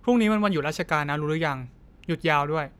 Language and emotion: Thai, neutral